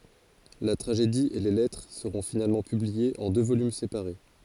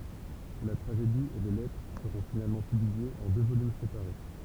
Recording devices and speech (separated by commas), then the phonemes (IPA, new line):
forehead accelerometer, temple vibration pickup, read sentence
la tʁaʒedi e le lɛtʁ səʁɔ̃ finalmɑ̃ pybliez ɑ̃ dø volym sepaʁe